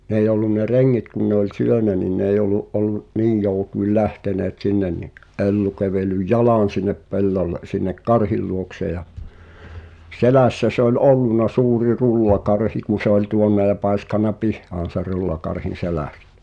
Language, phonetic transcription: Finnish, n ‿eij ‿ollun ne "reŋŋit kun ne ‿oĺ 'syönä ni n ‿eij ‿ol̆lu’ '’ol̆lu’ , "niij jòu̬tuil 'lähteneet "sinnen ni , '’Ellu kävel̆lyj "jalàn̬ sinnep 'pellolle , sinnek "karhiˡ luokse ja , 'selä̀ssä se ‿oĺ "ollun̆na 'suuri "rullakarhi ku se ‿oĺ 'tuonna ja 'pàiskana "pihhaan̬ ser 'rullakarhin̬ "selä̀stᴬ̈ .
- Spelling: ne ei ollut ne rengit kun ne oli syönyt niin ne ei ollut ollut niin joutuin lähteneet sinne niin Ellu kävellyt jalan sinne pellolle sinne karhin luokse ja selässä se oli ollut suuri rullakarhi kun se oli tuonne ja paiskannut pihaan sen rullakarhin selästä

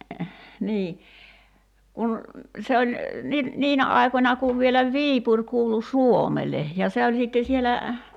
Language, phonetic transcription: Finnish, 'nii , 'kun , 'se oĺ , ni- , "niinä 'ài̬końa kuv vielä "Viipuŕ kuulu "Suomele , ja 'se oĺ sìtte 'sielä ,.
- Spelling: niin kun se oli - niinä aikoina kun vielä Viipuri kuului Suomelle ja se oli sitten siellä

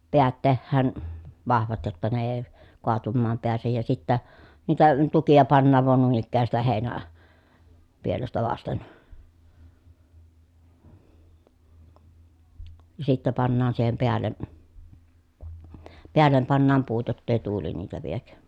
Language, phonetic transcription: Finnish, peät tehhään , vahvat jotta ne ee , koatummaam peäsej ja sittä , niitä tukija pannaav van nuin ‿ikkää sitä hèi̮nä- , -pielestä vasten , ja sittä pannaan siihem peälle , peällem pannaam puut jott ‿èi tuuli niitä viek .
- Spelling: päät tehdään vahvat jotta ne ei kaatumaan pääse ja sitten niitä tukia pannaan vain noin ikään sitä - heinäpielestä vasten ja sitten pannaan siihen päälle päälle pannaan puut jotta ei tuuli niitä vie

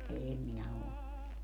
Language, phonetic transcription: Finnish, 'em 'minä o ollu .
- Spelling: en minä ole ollut

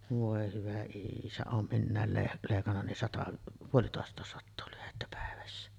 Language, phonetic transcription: Finnish, vòe hyvä 'iisä , oom 'minnä̀el leh- 'lèikanna nin 'sata , "puolitòest̀àes sattoo lyhettä 'pä̀evässä .
- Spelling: voi hyvä isä olen minä - leikannut niin sata puolitoista sataa lyhdettä päivässä

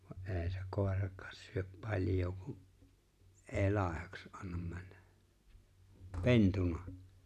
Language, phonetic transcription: Finnish, va’ '’e̬e̬ⁱ se 'kòerak̀ᴀᴀs syöp 'paĺjoo ku’ , '’e̬e̬ 'làehaks '’annam männᴀ̈ , "pentunᴀ .
- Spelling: vaan ei se koiraksi syö paljoa kun ei laihaksi anna mennä pentuna

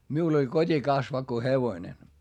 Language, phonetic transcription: Finnish, miul ‿oĺ kot́ikasvakko hevoⁱne .
- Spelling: minulla oli kotikasvakko hevonen

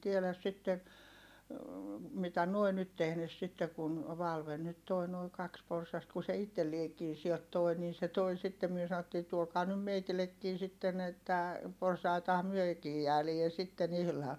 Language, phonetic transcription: Finnish, en tieläs sitte , mitä nuoi nyt tehnes sitte kun , Valven nyt toi noi kaks porsast ku se itteliekii siɛlt tòi nii se toi sittem myö sa₍ottii » tuokaa nym meitilekkii sitten ‿että , porsaitaham myökii jäälie sitten ‿ihlaan .
- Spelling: en tiedä sitten mitä nuo nyt tehneet sitten kun Valven nyt tuo nuo kaksi porsasta kun se itsellekin siltä toi niin se tuo sitten me sanottiin tuokaa nyt meillekin sitten että porsaittahan mekin jäädään sitten ihan

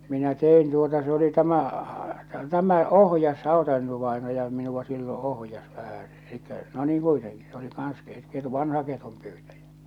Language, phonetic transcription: Finnish, minä 'te₍in tuota se oli 'tämä , 'tämä "ohjas 'Hàota-Eino-vaenaja minuva silloo̰ 'ohjas vähäsᴇ , elikkä no niiŋ 'kuiteŋki , s ‿oli kaans ket- ketu- , 'vanha ketumpyytäjä .
- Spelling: minä tein tuota se oli tämä tämä ohjasi Hauta-Eino-vainaja minua silloin ohjasi vähän eli no niin kuitenkin se oli kanssa - - vanha ketunpyytäjä

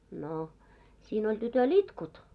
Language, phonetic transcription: Finnish, no , siin oĺ tytö"l ‿itkut .
- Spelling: no siinä oli tytöllä itkut

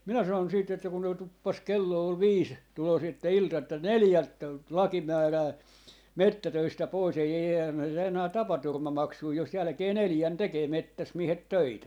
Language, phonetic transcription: Finnish, minä sanon siit ‿että kun noi 'tuppas 'kello ol "viis , 'tulos että "ilta että » "neljält , "laki 'määrää , "mettätöistä 'pois ei eihää myö saa enää 'tapaturma'maksui jos 'jälᵃ̈kee "neljän tekee 'mettäs 'miehet "töitä » .
- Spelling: minä sanoin sitten että kun nuo tuppasi kello oli viisi tulossa että ilta että neljältä laki määrää metsätöistä pois ei eihän me saa enää tapaturmamaksuja jos jälkeen neljän tekee metsässä miehet töitä

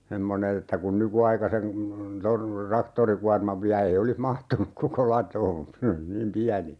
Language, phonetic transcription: Finnish, 'semmone(n) ‿että kun 'nykuaikasen̬ , 'ton̬ , 'raktorikuarmav viä 'ei olih "mahtunuk koko 'latoon̬ ('ne oli) 'niim "piäni₍ä .
- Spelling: semmoinen että kun nykyaikaisen tuon traktorikuorman vie ei olisi mahtunut koko latoon ne oli niin pieniä

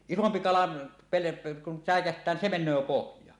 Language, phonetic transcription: Finnish, 'isompi 'kala pele- , kun "sä̀ekäht̀ää nin "se "men̆nöö "pohj̀aa .
- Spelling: isompi kala - kun säikähtää niin se menee pohjaan

